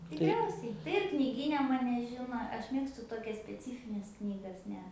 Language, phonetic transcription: Lithuanian, tikˈriausiai tai ir kniˈgyne ˈmane ˈžino ˈaš ˈmėgstu toˈkias speˈcyfines ˈknygas ˈne

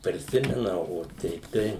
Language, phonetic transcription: Lithuanian, priˈsimena o ˈteip tai

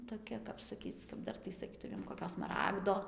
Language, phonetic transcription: Lithuanian, toˈkia kap saˈkyc kap ˈdar tai saˈkytumėm koˈkio smaˈragdo

